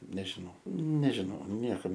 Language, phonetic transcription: Lithuanian, nežiˈnau nežiˈnau ˈniekam

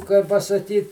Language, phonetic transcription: Lithuanian, kai pasaˈkyt

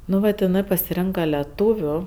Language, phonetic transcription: Lithuanian, ˈnu vat iˈnɜ pasiˈrenka leˈtūviu

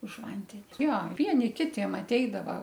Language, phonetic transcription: Lithuanian, už ˈvandeni ˈjo ˈvieni ˈkitiem atˈeidava

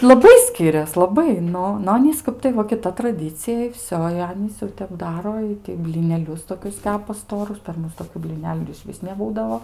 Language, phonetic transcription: Lithuanian, laˈbai ˈskirias laˈbai ˈnu nu ˈanys ˈkap tai ˈva kiˈta traˈdycija i ˈvsio i ˈanys ˈjau tep ˈdaro ˈitai blineˈlius toˈkius ˈtepa ˈstorus per ˈmus toˈkių blyˈneliu ir išˈvis neˈbūdavo

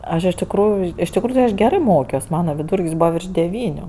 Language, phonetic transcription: Lithuanian, ˈaš iš tikˈrųju iš tikˈrųju ti aš ˈgerɜ ˈmokios ˈmana viˈdūr'k's' ˈbūva virš deˈvyniu

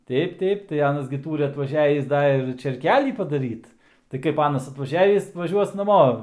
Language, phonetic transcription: Lithuanian, ˈteip ˈteip tai ˈanas gi ˈtūri atvaˈžiavįs ˈda ir čėrˈkelį padaˈryt tai ˈkaip ˈanas atvaˈžiavįs vaˈžiuos naˈmo

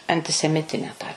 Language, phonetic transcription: Lithuanian, antiseˈmitine tą

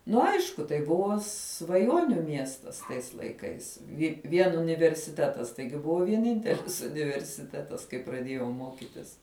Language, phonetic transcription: Lithuanian, ˈnu ˈaišku tai ˈbuvo svaˈjoniu ˈmiestas tais laiˈkais ˈi ˈvien universiˈtetas ˈtaigi ˈbuvo vieˈnintelis universiˈtetas kai praˈdiejau ˈmokitis

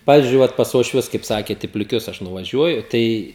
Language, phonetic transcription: Lithuanian, ˈpavizdžiui ˈvat pas uošˈvius kaip ˈsakėt i pliˈkius aš nuvaˈžiuoju ˈtai

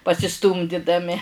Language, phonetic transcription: Lithuanian, pasiˈstūmdidami

